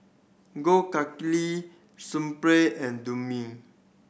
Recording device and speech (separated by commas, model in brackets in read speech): boundary microphone (BM630), read sentence